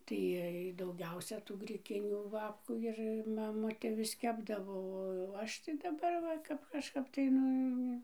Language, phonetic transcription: Lithuanian, tai ˈiej dauˈgiausia tų griˈkinių ˈbabkų ˈir maˈmutė vis ˈkepdavo o ˈaš tai daˈbar ˈva ˈkap kažˈkap tai ˈnu

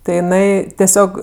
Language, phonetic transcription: Lithuanian, tai jiˈnai teˈsiog

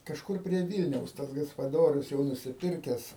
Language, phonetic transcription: Lithuanian, kažˈkur prie ˈvylniaus ˈtas gaspaˈdorius jau nusiˈpirkes

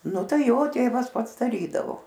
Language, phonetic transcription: Lithuanian, ˈnu ˈtai ˈjo ˈtėvas ˈpats daˈrydavo

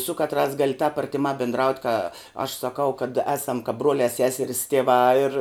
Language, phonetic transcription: Lithuanian, su ˈkatˌrās ˈgali tāp artiˈmā bindˈraut' ka aš saˈkau kad ˈesam kap ˈbruolia ˈseseris tieˈvā ir

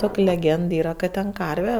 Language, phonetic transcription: Lithuanian, ˈtok' leˈgend ˈyra kad ten ˈkarve

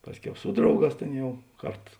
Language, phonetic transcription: Lithuanian, ˈpasˌkiau ˈsu drauˌgās ˈtėn ˈjau ˈkart

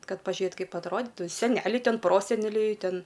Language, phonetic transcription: Lithuanian, ˈkad pažiuˈjet ˈkaip atˈroditu seˈneliai ˈten ˈproseneliai ˈten

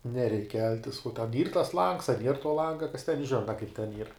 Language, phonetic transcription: Lithuanian, neˈreik ˈkeltis uo ten ˈyr tas langs a nier tuo ˈlanga kas ten ˈžina kaip ten ˈyr

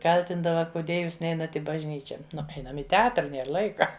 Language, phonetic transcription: Lithuanian, ˈkaltindava kuˈdie ˈjūs ˈneinat ˈį bažˈnyčia ˈnu ˈeinam i teˈatra ˈnėr ˈlaika

